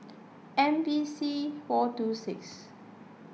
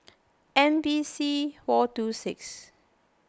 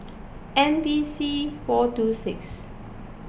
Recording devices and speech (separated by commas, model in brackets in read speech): mobile phone (iPhone 6), close-talking microphone (WH20), boundary microphone (BM630), read sentence